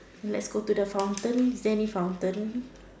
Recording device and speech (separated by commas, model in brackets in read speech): standing microphone, conversation in separate rooms